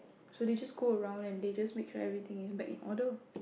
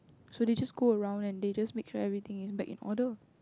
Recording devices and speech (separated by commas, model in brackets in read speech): boundary microphone, close-talking microphone, conversation in the same room